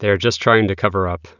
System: none